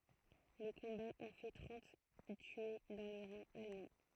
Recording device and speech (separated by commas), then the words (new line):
throat microphone, read sentence
Les combats ont fait trente tués dans les rangs allemands.